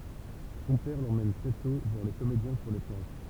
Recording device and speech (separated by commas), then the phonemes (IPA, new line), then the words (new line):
temple vibration pickup, read sentence
sɔ̃ pɛʁ lemɛn tʁɛ tɔ̃ vwaʁ le komedjɛ̃ syʁ le plɑ̃ʃ
Son père l'emmène très tôt voir les comédiens sur les planches.